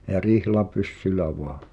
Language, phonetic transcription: Finnish, ja "rihla'pyssylä 'voa .
- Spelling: ja rihlapyssyllä vain

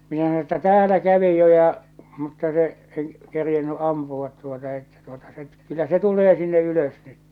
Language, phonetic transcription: Finnish, minä sano että » 'täälä 'kävi jo ja , mutta se , en , kerjenny '’ampuvat tuota että tuota se , kyllä se 'tul̆lee sinne 'ylös nyt . «
- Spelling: minä sanoin että täällä kävi jo ja mutta se en kerinnyt ampua tuota että tuota se kyllä se tulee sinne ylös nyt

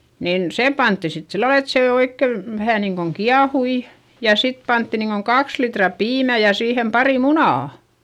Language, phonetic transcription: Finnish, niin , sem pantti sit sillal ‿et sè oikke , vähä niiŋkoŋ kiahui , ja sit pantti niiŋkoŋ kaks litra piimä ja siihem pari munà .
- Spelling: niin sen pantiin sitten sillä lailla että se oikein vähän niin kuin kiehui ja sitten pantiin niin kuin kaksi litraa piimää ja siihen pari munaa

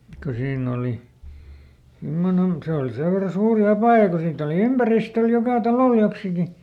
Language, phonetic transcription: Finnish, ko ˈsiinn ‿oli , ˈsimmonen , ˈse oli ˈsev verra ˈsuuri "apàja ko ˈsiitt ‿oli "ympäristöl ˈjokà ˈtalòl joksiki .
- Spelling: kun siinä oli semmoinen se oli sen verran suuri apaja kun siitä oli ympäristöllä joka talolla joksikin

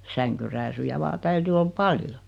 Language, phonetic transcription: Finnish, 'säŋkyrääsyjä 'vaa 'täyty ol "paljo .
- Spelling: sänkyrääsyjä vain täytyi olla paljon

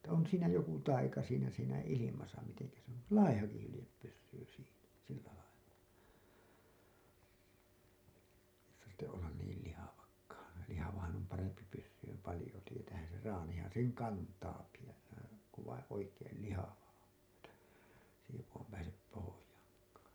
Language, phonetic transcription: Finnish, että on siinä 'joku 'taika siinä siinä 'ilimasa miteŋkä se ‿on , "laihaki hylĭjep pyssyy siinä , 'sillä lailla , tartte’ ’ollan niil lihavakkaan , 'lihavahan om 'parempi pyssyym 'palĭjo , tietäähän̬ ser 'raanihan seŋ 'kantaaki jos se , ku vaiḭ 'oikeel "lihava on ‿että , s ‿ei joku pääsep 'pohojaaŋkaa .
- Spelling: että on siinä joku taika siinä siinä ilmassa miten se on laihakin hylje pysyy siinä sillä lailla tarvitse olla niin lihavakaan lihavahan on parempi pysymään paljon tietäähän sen traanihan sen kantaakin jos se kun vain oikein lihava on että se ei joku pääse pohjaankaan

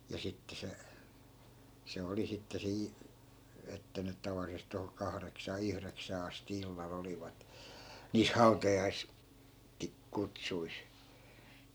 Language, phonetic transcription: Finnish, ja 'sitte se , 'se "oli sitte 'sii , että nyt̆ 'tavallisest̆ toho 'kahreksaa 'yhreksää asti 'illa'l ‿olivat , niis "hau̬tajais- , (-ki-) , '-kutsuis .
- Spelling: ja sitten se se oli sitten siinä että nyt tavallisesti tuohon kahdeksaan yhdeksään asti illalla olivat niissä - - hautajaiskutsuissa

